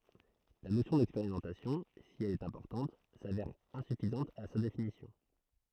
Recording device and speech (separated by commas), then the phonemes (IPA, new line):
throat microphone, read sentence
la nosjɔ̃ dɛkspeʁimɑ̃tasjɔ̃ si ɛl ɛt ɛ̃pɔʁtɑ̃t savɛʁ ɛ̃syfizɑ̃t a sa definisjɔ̃